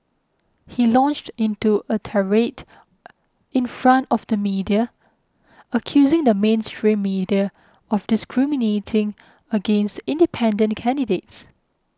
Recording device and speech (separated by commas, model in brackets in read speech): close-talking microphone (WH20), read sentence